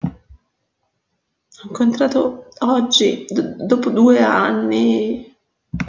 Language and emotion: Italian, sad